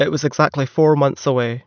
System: none